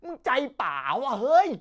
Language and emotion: Thai, happy